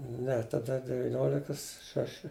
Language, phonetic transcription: Lithuanian, ˈne taˈda deviˈniolikas ˈšaši

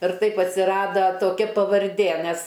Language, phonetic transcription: Lithuanian, ir ˈtaip atsiˈrada toˈkia pavarˈdė ˈmes

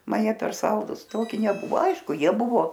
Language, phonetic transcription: Lithuanian, ˈman ˈjie per ˈsaldus ˈtoki neˈbuvo ˈaišku ˈjie ˈbuvo

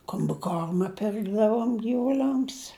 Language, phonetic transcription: Lithuanian, kombiˈkorma ˈpirkdavom gyvuˈliams

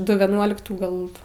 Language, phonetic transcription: Lithuanian, ˈdu vieˈnuoliktų ˈgal

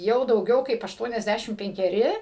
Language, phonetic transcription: Lithuanian, ˈjau dauˈgiau kaip ašˈtuoniasˌdæšim penkeˈri

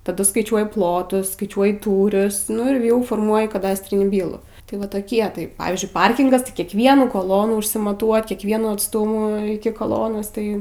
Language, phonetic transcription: Lithuanian, taˈdu skaiˈčiuoji ˈplotus skaiˈčiuoji ˈtūrius nu ir ˈjau forˈmuoji kaˈdastrinį ˈbylų tai ˈva toˈkie tai ˈpavyzdžiui ˈparkingas tai kiekˈvienų koˈlonų išsimaˈtuot' kiekˈvienų atˈstumų iki koˈlonos ˈtai

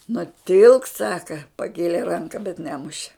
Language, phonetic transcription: Lithuanian, nuˈtilk ˈsaka paˈkėlė ˈranka bet ˈnemuše

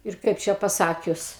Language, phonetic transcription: Lithuanian, ir ˈkaip čia paˈsakius

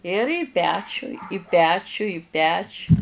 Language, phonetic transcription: Lithuanian, ir į ˈpečiu i ˈpečiu i ˈpečiu

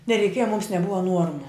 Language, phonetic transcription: Lithuanian, nereiˈkieja mums neˈbuva ˈnuormu

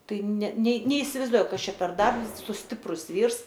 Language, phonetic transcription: Lithuanian, ˈtai ne nė neisivaizˈduoju ˈkas ˈčia per ˈdarbs su ˈstiprus ˈvyrs

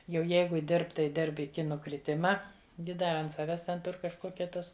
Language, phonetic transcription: Lithuanian, jau ˈjeigu ˈdirb tai ˈdirb iˈki nukriˈtima ˈgi ˈda ant ˈsaves ten ˈtur kažˈkokia ˈtos

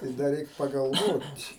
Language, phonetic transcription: Lithuanian, tai ˈda ˈreik pagalˈvot'

